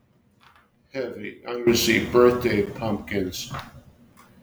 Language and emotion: English, sad